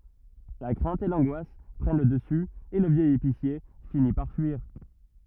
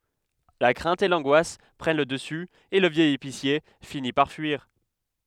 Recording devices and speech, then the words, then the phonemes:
rigid in-ear microphone, headset microphone, read sentence
La crainte et l'angoisse prennent le dessus et le vieil épicier finit par fuir.
la kʁɛ̃t e lɑ̃ɡwas pʁɛn lə dəsy e lə vjɛj episje fini paʁ fyiʁ

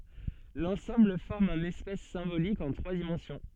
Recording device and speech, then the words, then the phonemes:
soft in-ear microphone, read sentence
L'ensemble forme un espace symbolique en trois dimensions.
lɑ̃sɑ̃bl fɔʁm œ̃n ɛspas sɛ̃bolik ɑ̃ tʁwa dimɑ̃sjɔ̃

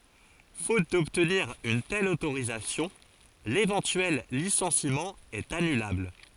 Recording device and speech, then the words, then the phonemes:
forehead accelerometer, read sentence
Faute d'obtenir une telle autorisation, l'éventuel licenciement est annulable.
fot dɔbtniʁ yn tɛl otoʁizasjɔ̃ levɑ̃tyɛl lisɑ̃simɑ̃ ɛt anylabl

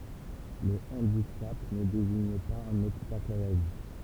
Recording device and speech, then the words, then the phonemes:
temple vibration pickup, read sentence
Le handicap ne désigne pas un obstacle à la vie.
lə ɑ̃dikap nə deziɲ paz œ̃n ɔbstakl a la vi

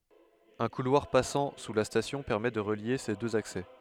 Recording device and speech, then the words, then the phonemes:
headset microphone, read sentence
Un couloir passant sous la station permet de relier ces deux accès.
œ̃ kulwaʁ pasɑ̃ su la stasjɔ̃ pɛʁmɛ də ʁəlje se døz aksɛ

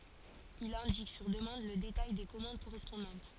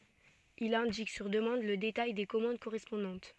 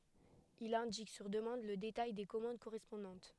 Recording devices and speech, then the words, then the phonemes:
forehead accelerometer, soft in-ear microphone, headset microphone, read sentence
Il indique, sur demande, le détail des commandes correspondantes.
il ɛ̃dik syʁ dəmɑ̃d lə detaj de kɔmɑ̃d koʁɛspɔ̃dɑ̃t

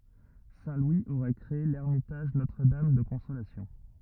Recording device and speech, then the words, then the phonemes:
rigid in-ear microphone, read sentence
Saint Louis aurait créé l'Ermitage Notre-Dame de Consolation.
sɛ̃ lwi oʁɛ kʁee lɛʁmitaʒ notʁədam də kɔ̃solasjɔ̃

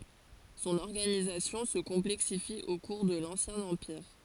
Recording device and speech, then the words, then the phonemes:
forehead accelerometer, read sentence
Son organisation se complexifie au cours de l'Ancien Empire.
sɔ̃n ɔʁɡanizasjɔ̃ sə kɔ̃plɛksifi o kuʁ də lɑ̃sjɛ̃ ɑ̃piʁ

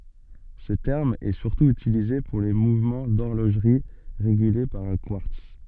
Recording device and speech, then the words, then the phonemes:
soft in-ear microphone, read sentence
Ce terme est surtout utilisé pour les mouvements d'horlogerie régulés par un quartz.
sə tɛʁm ɛ syʁtu ytilize puʁ le muvmɑ̃ dɔʁloʒʁi ʁeɡyle paʁ œ̃ kwaʁts

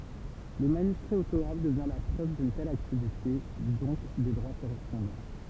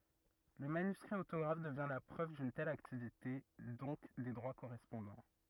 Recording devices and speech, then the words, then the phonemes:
temple vibration pickup, rigid in-ear microphone, read sentence
Le manuscrit autographe devient la preuve d'une telle activité, donc des droits correspondants.
lə manyskʁi otoɡʁaf dəvjɛ̃ la pʁøv dyn tɛl aktivite dɔ̃k de dʁwa koʁɛspɔ̃dɑ̃

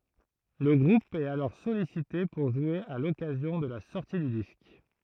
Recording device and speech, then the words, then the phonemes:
throat microphone, read sentence
Le groupe est alors sollicité pour jouer à l'occasion de la sortie du disque.
lə ɡʁup ɛt alɔʁ sɔlisite puʁ ʒwe a lɔkazjɔ̃ də la sɔʁti dy disk

